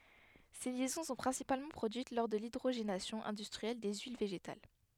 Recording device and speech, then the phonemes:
headset microphone, read sentence
se ljɛzɔ̃ sɔ̃ pʁɛ̃sipalmɑ̃ pʁodyit lɔʁ də lidʁoʒenasjɔ̃ ɛ̃dystʁiɛl de yil veʒetal

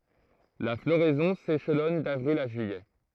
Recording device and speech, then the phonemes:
throat microphone, read sentence
la floʁɛzɔ̃ seʃlɔn davʁil a ʒyijɛ

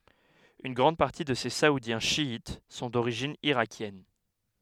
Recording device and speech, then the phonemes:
headset microphone, read sentence
yn ɡʁɑ̃d paʁti də se saudjɛ̃ ʃjit sɔ̃ doʁiʒin iʁakjɛn

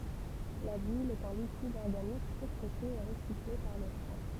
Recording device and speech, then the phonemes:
temple vibration pickup, read sentence
la bil ɛt œ̃ likid ɔʁɡanik sekʁete e ʁəsikle paʁ lə fwa

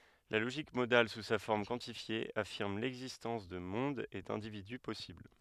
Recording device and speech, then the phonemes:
headset microphone, read sentence
la loʒik modal su sa fɔʁm kwɑ̃tifje afiʁm lɛɡzistɑ̃s də mɔ̃dz e dɛ̃dividy pɔsibl

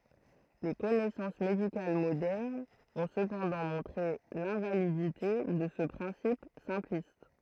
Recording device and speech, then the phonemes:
throat microphone, read sentence
le kɔnɛsɑ̃s medikal modɛʁnz ɔ̃ səpɑ̃dɑ̃ mɔ̃tʁe lɛ̃validite də sə pʁɛ̃sip sɛ̃plist

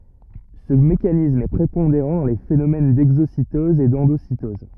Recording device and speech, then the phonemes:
rigid in-ear microphone, read sentence
sə mekanism ɛ pʁepɔ̃deʁɑ̃ dɑ̃ le fenomɛn dɛɡzositɔz e dɑ̃dositɔz

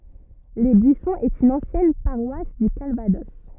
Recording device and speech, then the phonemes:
rigid in-ear microphone, read sentence
le byisɔ̃z ɛt yn ɑ̃sjɛn paʁwas dy kalvadɔs

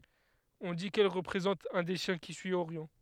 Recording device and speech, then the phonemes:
headset microphone, read sentence
ɔ̃ di kɛl ʁəpʁezɑ̃t œ̃ de ʃjɛ̃ ki syi oʁjɔ̃

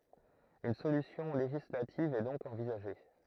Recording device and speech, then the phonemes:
throat microphone, read sentence
yn solysjɔ̃ leʒislativ ɛ dɔ̃k ɑ̃vizaʒe

